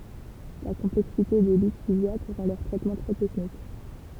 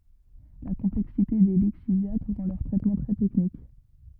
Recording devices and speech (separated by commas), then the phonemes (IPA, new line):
temple vibration pickup, rigid in-ear microphone, read sentence
la kɔ̃plɛksite de liksivja ʁɑ̃ lœʁ tʁɛtmɑ̃ tʁɛ tɛknik